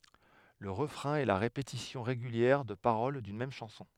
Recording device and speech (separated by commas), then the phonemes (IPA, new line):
headset microphone, read sentence
lə ʁəfʁɛ̃ ɛ la ʁepetisjɔ̃ ʁeɡyljɛʁ də paʁol dyn mɛm ʃɑ̃sɔ̃